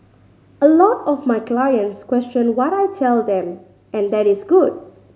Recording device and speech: mobile phone (Samsung C5010), read sentence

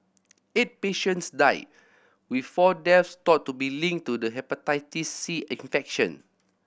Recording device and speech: boundary microphone (BM630), read sentence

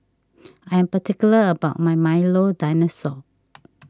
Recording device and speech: standing microphone (AKG C214), read sentence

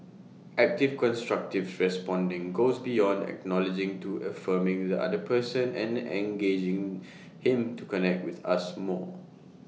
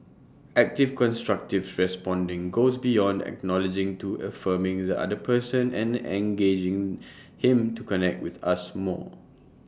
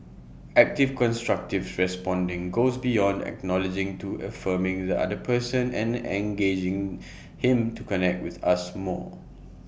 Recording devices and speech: mobile phone (iPhone 6), standing microphone (AKG C214), boundary microphone (BM630), read sentence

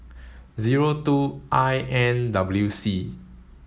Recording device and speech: mobile phone (Samsung S8), read sentence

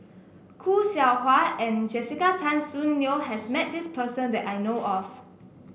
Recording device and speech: boundary microphone (BM630), read sentence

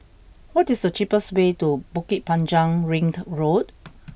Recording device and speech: boundary microphone (BM630), read sentence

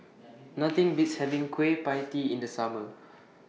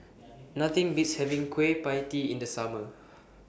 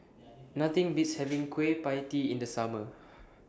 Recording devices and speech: mobile phone (iPhone 6), boundary microphone (BM630), standing microphone (AKG C214), read sentence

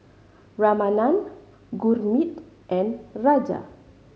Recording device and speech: mobile phone (Samsung C5010), read sentence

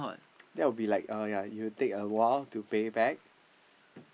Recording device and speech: boundary microphone, conversation in the same room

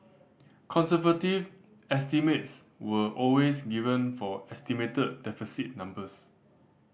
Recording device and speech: boundary microphone (BM630), read sentence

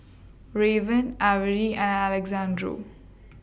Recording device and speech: boundary microphone (BM630), read sentence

